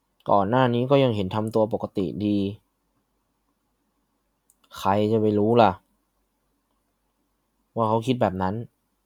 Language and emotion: Thai, frustrated